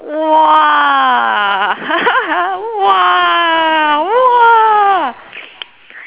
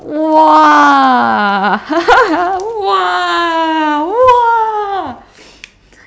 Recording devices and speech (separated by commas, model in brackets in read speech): telephone, standing microphone, conversation in separate rooms